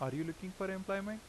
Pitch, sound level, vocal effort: 190 Hz, 86 dB SPL, normal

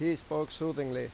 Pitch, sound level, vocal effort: 155 Hz, 90 dB SPL, loud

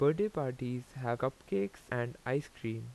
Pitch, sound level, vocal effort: 125 Hz, 84 dB SPL, normal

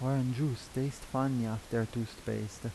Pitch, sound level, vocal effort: 120 Hz, 81 dB SPL, soft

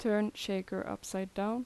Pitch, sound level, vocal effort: 205 Hz, 81 dB SPL, normal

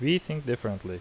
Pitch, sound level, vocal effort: 120 Hz, 82 dB SPL, loud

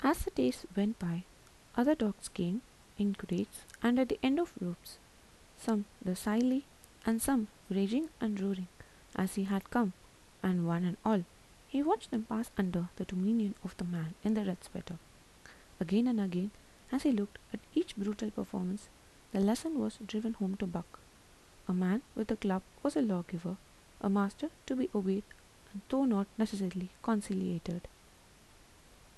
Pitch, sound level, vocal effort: 205 Hz, 77 dB SPL, soft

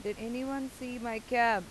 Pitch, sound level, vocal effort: 235 Hz, 91 dB SPL, loud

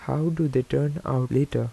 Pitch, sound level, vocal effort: 145 Hz, 80 dB SPL, soft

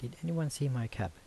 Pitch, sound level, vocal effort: 120 Hz, 78 dB SPL, soft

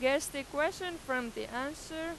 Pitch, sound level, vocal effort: 295 Hz, 94 dB SPL, very loud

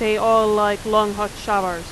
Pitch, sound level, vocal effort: 210 Hz, 93 dB SPL, very loud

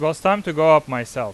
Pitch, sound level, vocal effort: 155 Hz, 96 dB SPL, loud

